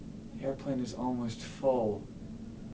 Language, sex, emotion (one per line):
English
male
disgusted